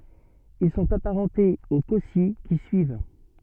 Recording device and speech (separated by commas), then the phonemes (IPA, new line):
soft in-ear microphone, read sentence
il sɔ̃t apaʁɑ̃tez o kɔsi ki syiv